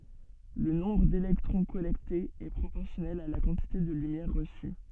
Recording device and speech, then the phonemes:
soft in-ear microphone, read sentence
lə nɔ̃bʁ delɛktʁɔ̃ kɔlɛktez ɛ pʁopɔʁsjɔnɛl a la kɑ̃tite də lymjɛʁ ʁəsy

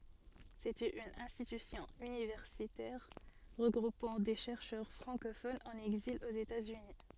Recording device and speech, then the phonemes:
soft in-ear microphone, read sentence
setɛt yn ɛ̃stitysjɔ̃ ynivɛʁsitɛʁ ʁəɡʁupɑ̃ de ʃɛʁʃœʁ fʁɑ̃kofonz ɑ̃n ɛɡzil oz etatsyni

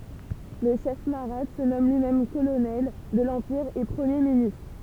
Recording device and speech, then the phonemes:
temple vibration pickup, read sentence
lə ʃɛf maʁat sə nɔm lyimɛm kolonɛl də lɑ̃piʁ e pʁəmje ministʁ

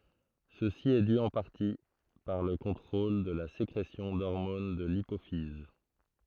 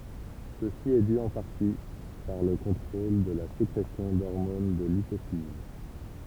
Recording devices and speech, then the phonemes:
throat microphone, temple vibration pickup, read sentence
səsi ɛ dy ɑ̃ paʁti paʁ lə kɔ̃tʁol də la sekʁesjɔ̃ dɔʁmon də lipofiz

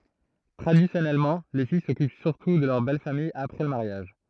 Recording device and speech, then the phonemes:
throat microphone, read sentence
tʁadisjɔnɛlmɑ̃ le fij sɔkyp syʁtu də lœʁ bɛl famij apʁɛ lə maʁjaʒ

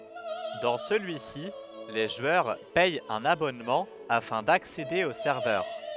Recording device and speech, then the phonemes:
headset microphone, read sentence
dɑ̃ səlyi si le ʒwœʁ pɛt œ̃n abɔnmɑ̃ afɛ̃ daksede o sɛʁvœʁ

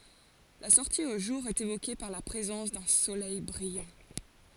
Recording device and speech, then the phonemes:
forehead accelerometer, read sentence
la sɔʁti o ʒuʁ ɛt evoke paʁ la pʁezɑ̃s dœ̃ solɛj bʁijɑ̃

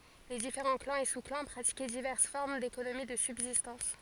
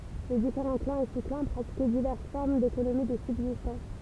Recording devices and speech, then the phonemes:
forehead accelerometer, temple vibration pickup, read sentence
le difeʁɑ̃ klɑ̃z e su klɑ̃ pʁatikɛ divɛʁs fɔʁm dekonomi də sybzistɑ̃s

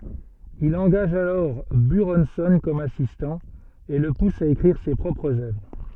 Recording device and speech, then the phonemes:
soft in-ear microphone, read sentence
il ɑ̃ɡaʒ alɔʁ byʁɔ̃sɔ̃ kɔm asistɑ̃ e lə pus a ekʁiʁ se pʁɔpʁz œvʁ

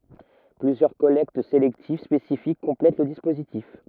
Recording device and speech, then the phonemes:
rigid in-ear microphone, read sentence
plyzjœʁ kɔlɛkt selɛktiv spesifik kɔ̃plɛt lə dispozitif

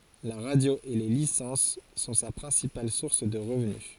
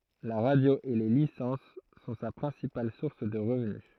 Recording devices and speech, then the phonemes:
forehead accelerometer, throat microphone, read sentence
la ʁadjo e le lisɑ̃s sɔ̃ sa pʁɛ̃sipal suʁs də ʁəvny

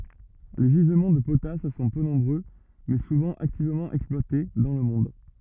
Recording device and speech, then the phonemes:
rigid in-ear microphone, read sentence
le ʒizmɑ̃ də potas sɔ̃ pø nɔ̃bʁø mɛ suvɑ̃ aktivmɑ̃ ɛksplwate dɑ̃ lə mɔ̃d

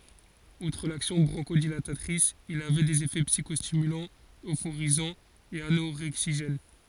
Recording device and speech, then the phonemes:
forehead accelerometer, read sentence
utʁ laksjɔ̃ bʁɔ̃ʃodilatatʁis il avɛ dez efɛ psikɔstimylɑ̃z øfoʁizɑ̃z e anoʁɛɡziʒɛn

